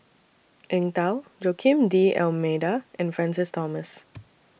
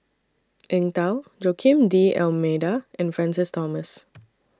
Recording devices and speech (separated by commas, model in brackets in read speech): boundary microphone (BM630), standing microphone (AKG C214), read sentence